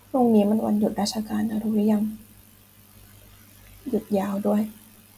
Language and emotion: Thai, frustrated